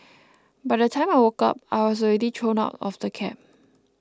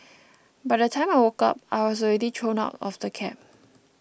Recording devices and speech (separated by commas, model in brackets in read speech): close-talking microphone (WH20), boundary microphone (BM630), read sentence